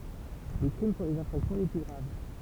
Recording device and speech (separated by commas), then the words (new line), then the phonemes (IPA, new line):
temple vibration pickup, read sentence
Les crimes sont les infractions les plus graves.
le kʁim sɔ̃ lez ɛ̃fʁaksjɔ̃ le ply ɡʁav